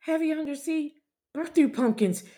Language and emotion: English, fearful